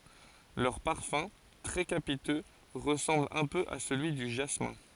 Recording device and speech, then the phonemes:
forehead accelerometer, read sentence
lœʁ paʁfœ̃ tʁɛ kapitø ʁəsɑ̃bl œ̃ pø a səlyi dy ʒasmɛ̃

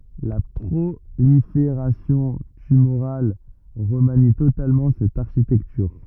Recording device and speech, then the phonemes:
rigid in-ear microphone, read sentence
la pʁolifeʁasjɔ̃ tymoʁal ʁəmani totalmɑ̃ sɛt aʁʃitɛktyʁ

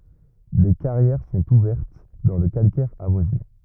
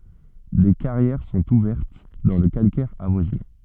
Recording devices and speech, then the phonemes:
rigid in-ear microphone, soft in-ear microphone, read sentence
de kaʁjɛʁ sɔ̃t uvɛʁt dɑ̃ lə kalkɛʁ avwazinɑ̃

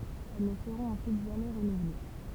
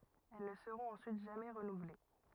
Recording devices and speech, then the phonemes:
temple vibration pickup, rigid in-ear microphone, read sentence
ɛl nə səʁɔ̃t ɑ̃syit ʒamɛ ʁənuvle

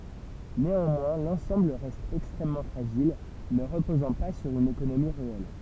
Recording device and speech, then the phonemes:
temple vibration pickup, read sentence
neɑ̃mwɛ̃ lɑ̃sɑ̃bl ʁɛst ɛkstʁɛmmɑ̃ fʁaʒil nə ʁəpozɑ̃ pa syʁ yn ekonomi ʁeɛl

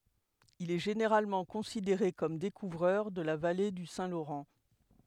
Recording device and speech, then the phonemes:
headset microphone, read sentence
il ɛ ʒeneʁalmɑ̃ kɔ̃sideʁe kɔm dekuvʁœʁ də la vale dy sɛ̃ loʁɑ̃

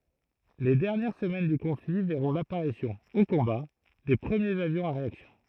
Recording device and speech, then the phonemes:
throat microphone, read sentence
le dɛʁnjɛʁ səmɛn dy kɔ̃fli vɛʁɔ̃ lapaʁisjɔ̃ o kɔ̃ba de pʁəmjez avjɔ̃z a ʁeaksjɔ̃

